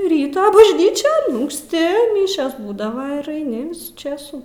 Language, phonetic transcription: Lithuanian, ˈryto bažˈnyčion unksˈti ˈmišios ˈbūdava ir aiˈni ˈvisų ˈčėsų

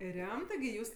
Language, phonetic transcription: Lithuanian, ˈremtɜ gi ˈjūs

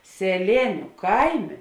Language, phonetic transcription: Lithuanian, seˈlėniu ˈkaiˌmė

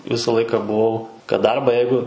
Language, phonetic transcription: Lithuanian, ˈvisa ˈlaika buˈvau kad ˈdarbą ˈjeigu

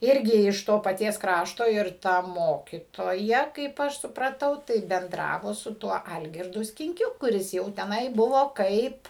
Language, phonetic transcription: Lithuanian, ˈirgi iš ˈto paˈties ˈkrašto ir ˈta ˈmokytoja kaip ˈaš supraˈtau tai benˈdravo su ˈtuo ˈalgirdu skinˈkiu kuˈris jau teˈnai ˈbuvo ˈkaip

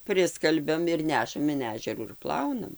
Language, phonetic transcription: Lithuanian, ˈpriskalbiam ir ˈnešam in ˈežerų ir ˈplaunam

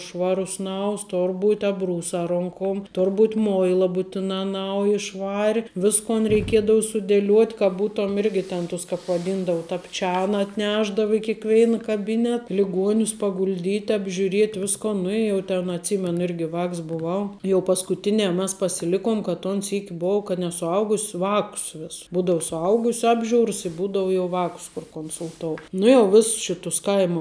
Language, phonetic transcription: Lithuanian, ˈšvarus ˈnaus ˈtor ˈbūt' abˈrūsā ˈronkom ˈtor ˈbūt' ˈmoilā būtiˈnā ˈnauji ˈšvari ˈviskon reiˈkiedau sudėˈliuot' ka ˈbūtom ˈirgi ˈten ˈtus kāp vaˈdindavu tapˈčiana atˈnešdavu i kėkˈveina kaˈbinet liˈguonius pagulˈdyt' apžiuˈriet' ˈviskon ˈnu i jau ten atˈsymenu ˈirgi ˈvāks buˈvau ˈjau paskuˈtinē mas pasiˈlikuom ka ton ˈsyki ˈbou kad ne suˈaugus' ˈvakus ˈvess ˈbūdau suˈaugusiu ˈapˌžiūrs i ˈbūdau jau ˈvākus kur konsulˈtou nu jau ˈviss ˈšitus ˈkaimu

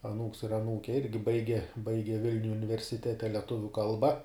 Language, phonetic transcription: Lithuanian, aˈnūks ir aˈnūke ˈirgi ˈbaige ˈbaige ˈvilniuj universiˈtete ˈletuvių ˈkalba

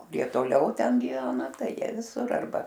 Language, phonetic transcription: Lithuanian, kuˈrie toˈliau ˈten giˈvena ˈtai ˈjie viˈsur arˈba

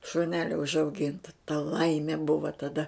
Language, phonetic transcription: Lithuanian, šuˈnelio užauˈginta ta ˈlaimė ˈbuva taˈda

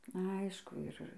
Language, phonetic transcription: Lithuanian, ˈaišku ˈir

